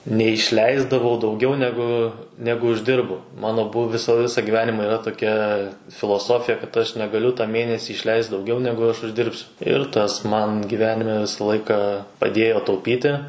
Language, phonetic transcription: Lithuanian, neišˈleisdavau dauˈgiau neˈgu ˈnegu užˈdirbu ˈmano ˈbuv ˈvisa ˈvisą gyˈvenimą yˈra toˈkia filoˈsofija kad ˈaš negaˈliu ta ˈmėnesį ˈišleist dauˈgiau ˈnegu aš ˈuždirbsiu ir ˈtas ˈman giˈvenime ˈvisa ˈlaiką paˈdėjo tauˈpyti

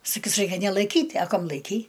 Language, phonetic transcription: Lithuanian, saˈkys ˈraikia nelaiˈkyt' a ˈkam laiˈkei

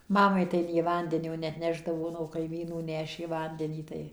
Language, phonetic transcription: Lithuanian, ˈmamai tai nė ˈvandenio neatˈnešdavo nuo kaiˈmynų ˈnešė ˈvandenį ˈtai

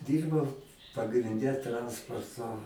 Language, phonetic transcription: Lithuanian, ˈdyrbau pagrinˈde ˈtransporto

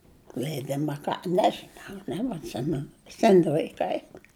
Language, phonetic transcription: Lithuanian, leiˈdima a ˈka ˈnežinau nebatˈsimenu ˈseni laiˈkai

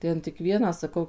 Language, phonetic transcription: Lithuanian, ˈten tik ˈvieną saˈkau

